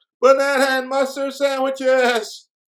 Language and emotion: English, fearful